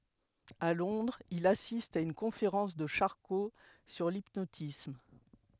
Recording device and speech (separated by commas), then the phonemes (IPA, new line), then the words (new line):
headset microphone, read sentence
a lɔ̃dʁz il asist a yn kɔ̃feʁɑ̃s də ʃaʁko syʁ lipnotism
À Londres, il assiste à une conférence de Charcot sur l'hypnotisme.